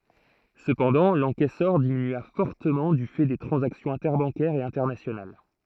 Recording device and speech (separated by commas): throat microphone, read sentence